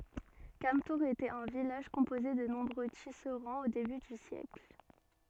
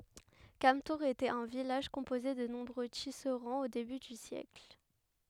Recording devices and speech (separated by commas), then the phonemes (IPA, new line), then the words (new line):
soft in-ear microphone, headset microphone, read sentence
kamtuʁz etɛt œ̃ vilaʒ kɔ̃poze də nɔ̃bʁø tisʁɑ̃z o deby dy sjɛkl
Cametours était un village composé de nombreux tisserands au début du siècle.